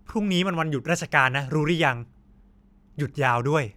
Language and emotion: Thai, frustrated